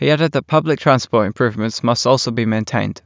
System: none